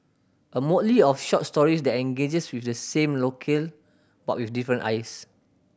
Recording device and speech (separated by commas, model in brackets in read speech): boundary microphone (BM630), read sentence